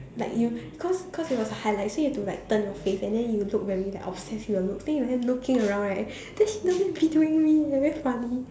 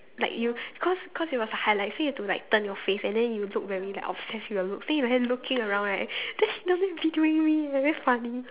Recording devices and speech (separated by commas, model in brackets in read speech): standing microphone, telephone, conversation in separate rooms